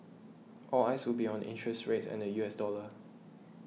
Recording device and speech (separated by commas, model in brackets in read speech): mobile phone (iPhone 6), read sentence